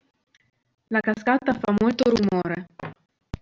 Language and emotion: Italian, neutral